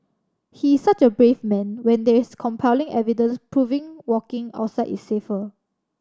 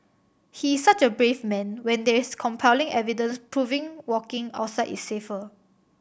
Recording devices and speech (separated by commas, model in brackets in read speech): standing microphone (AKG C214), boundary microphone (BM630), read sentence